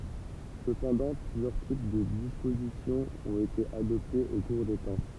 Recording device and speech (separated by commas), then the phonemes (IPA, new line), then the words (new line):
temple vibration pickup, read sentence
səpɑ̃dɑ̃ plyzjœʁ tip də dispozisjɔ̃ ɔ̃t ete adɔptez o kuʁ de tɑ̃
Cependant, plusieurs types de disposition ont été adoptés au cours des temps.